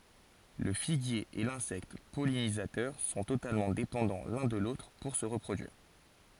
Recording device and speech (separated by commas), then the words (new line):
forehead accelerometer, read sentence
Le figuier et l'insecte pollinisateur sont totalement dépendants l'un de l'autre pour se reproduire.